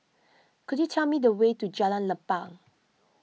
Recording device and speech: mobile phone (iPhone 6), read sentence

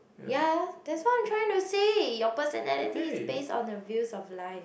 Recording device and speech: boundary microphone, conversation in the same room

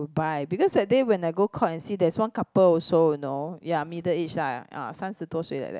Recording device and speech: close-talking microphone, conversation in the same room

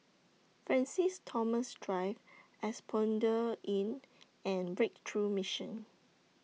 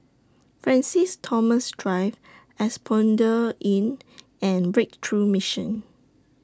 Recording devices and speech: mobile phone (iPhone 6), standing microphone (AKG C214), read sentence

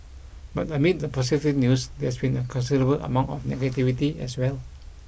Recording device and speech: boundary microphone (BM630), read sentence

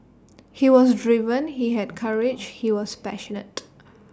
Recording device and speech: standing microphone (AKG C214), read sentence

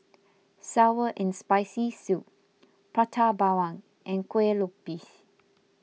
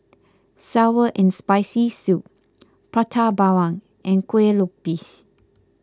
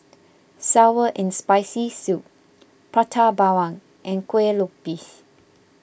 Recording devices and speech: mobile phone (iPhone 6), close-talking microphone (WH20), boundary microphone (BM630), read sentence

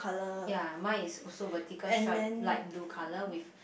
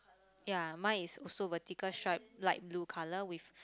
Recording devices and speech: boundary microphone, close-talking microphone, conversation in the same room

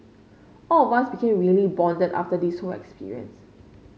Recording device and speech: mobile phone (Samsung C5), read sentence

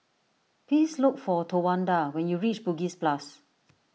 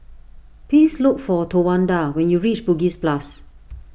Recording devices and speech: mobile phone (iPhone 6), boundary microphone (BM630), read sentence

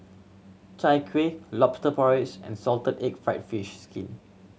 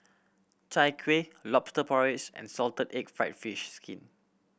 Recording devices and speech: mobile phone (Samsung C7100), boundary microphone (BM630), read sentence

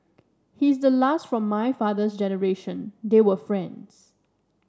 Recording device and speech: standing microphone (AKG C214), read sentence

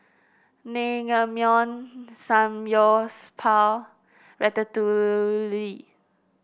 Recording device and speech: boundary microphone (BM630), read sentence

